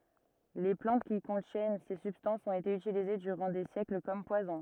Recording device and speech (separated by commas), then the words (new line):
rigid in-ear microphone, read sentence
Les plantes qui contiennent ces substances ont été utilisées durant des siècles comme poisons.